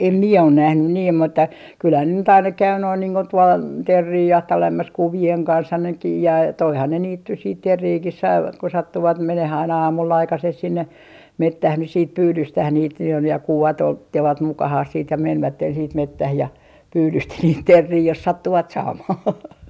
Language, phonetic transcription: Finnish, e - em 'mie on 'nähnyn niim mutta , 'kylhän ne nyt aina "käy noin niiŋ ko tuol , "terrii 'jahtailemas "kuvi₍eŋ 'kanshan nekiij jä- , 'toihan ne 'niit nys siit "terriikis 'saivat ko 'sattuvat 'meneh ‿aina 'aamull ‿aikasees sinne , "mettäh nys siit "pyydyystäh 'niit jo ja 'kuvat 'otte - -vat 'mukahah siit ja 'menvätten siit "mettäh ja , "pyydysti niit terrii jos 'sattuvat 'saamah .
- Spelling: - en minä ole nähnyt niin mutta kyllähän ne nyt aina käy noin niin kuin tuolla teeriä jahtailemassa kuvien kanssa nekin - toihan ne niitä nyt sitten teeriäkin saivat kun sattuivat menemään aina aamulla aikaiseen sinne metsään nyt sitten pyydystämään niitä jo ja kuvat - ottivat mukaansa sitten ja menivät sitten metsään ja pyydysti niitä teeriä jos sattuivat saamaan

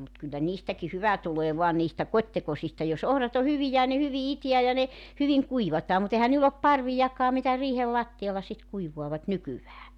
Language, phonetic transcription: Finnish, mut kyllä 'niistäki "hyvä tulee 'voa niistä "kot́tekosista jos 'ohrat ‿o 'hyvijä ja ne 'hyvi "itiä ja ne , 'hyviŋ "kuivataa mu't ‿ehän niill ‿op "parvijakkaa mitä 'riihel "latti₍alla sit 'kuivuavat , 'nykyvää .
- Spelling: mutta kyllä niistäkin hyvä tulee vain niistä kotitekoisista jos ohrat on hyviä ja ne hyvin itää ja ne hyvin kuivataan mutta eihän niillä ole parviakaan mitä riihen lattialla sitten kuivaavat nykyään

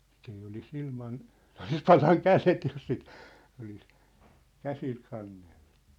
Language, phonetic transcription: Finnish, sit ‿ei oli's ‿ilman , 'sĕ ‿olis "palaŋ "kälet jos sit , olis , "käsil 'kannelʟᴜ .
- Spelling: sitten ei olisi ilman se olisi palanut kädet jos sitten olisi käsillä kantanut

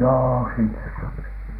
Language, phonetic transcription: Finnish, joo , 'sinnes sopi .
- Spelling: joo sinne sopi

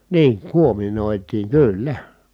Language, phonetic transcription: Finnish, niiŋ kuominòitiiŋ kỳ₍yllä .
- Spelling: niin kuominoitiin kyllä

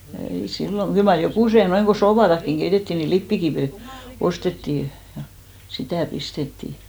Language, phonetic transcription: Finnish, ei 'sillo , 'kyl mar "jokùse noiŋ ɢo "soopatakkiŋ 'ɢeitettì ni 'lippikivì , 'ostettì , ja 'sitä̀ 'pistettì .
- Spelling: ei silloin kyllä mar jokuset noin kun suopaakin keitettiin niin lipeäkiveä ostettiin ja sitä pistettiin

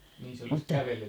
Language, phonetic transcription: Finnish, mutta ...
- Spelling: mutta

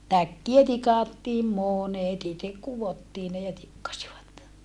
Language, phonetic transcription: Finnish, täkkiä tikàttiim monet ‿itek kuvottii ne ja tikkasivat .
- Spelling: täkkejä tikattiin monet itse kudottiin ne ja tikkasivat

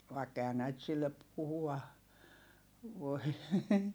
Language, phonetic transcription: Finnish, vaikk ‿ehä näit sillep̆ puhua , voi .
- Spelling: vaikka eihän näitä sille puhua voi

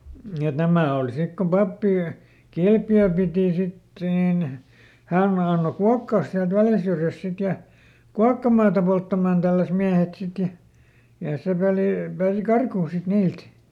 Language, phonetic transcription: Finnish, et ˈnämä̀ òl ˈsik kom ˈpappi , "Kilpjöö pìti ˈsit nìn , ˈhä̀n ˈanno "kuakkaas siält ˈVäljä syrjäsᵗ ˈsit ja , ˈkuakkamaata polttamaan ˈtälläs miähet ˈsit ja , ja ˈse pelì , pääsi "karkuun sit ˈniilt .
- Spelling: et nämä oli sitten kun pappi Kilpiöön piti sitten niin hän antoi kuokata sieltä Väljän syrjästä sitten ja kuokkamaata polttamaan tälläsi miehet sitten ja ja se peli pääsi karkuun sitten niiltä

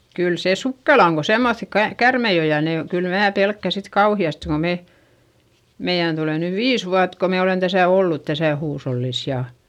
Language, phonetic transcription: Finnish, kyl sè sukkela oŋ ko semmoϑi ka- , kärmei o ja ne o , kyl mää pelkkä sit kauhi₍aste ko me , meiʲän tulè nyv viis vuat ko me olen täsä̀ ollut täsä̀ huushollis ja ,.
- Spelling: kyllä se sukkela on kun semmoisia - käärmeitä on ja ne on kyllä minä pelkään sitten kauheasti kun me meidän tulee nyt viisi vuotta kun me olemme tässä ollut tässä huushollissa ja

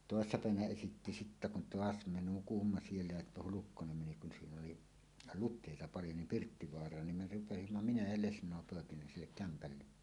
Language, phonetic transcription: Finnish, tòessa 'pä̀evänä esitti sittä kun "toas 'me "nukumma 'siellä ja "Hulukkonem 'meni kun 'siin ‿oli , "lut̆tèita 'paljo nim "Pirttivoar̀aan nim me rupesimma "minä ja "lesǹòe 'pòekineen "sillek 'kämpälle .
- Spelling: toissa päivänä esitti sitten kun taas me nukuimme siellä ja Hulkkonen meni kun siinä oli luteita paljon niin Pirttivaaraan niin me rupesimme minä ja lesnoi poikineen sille kämpälle

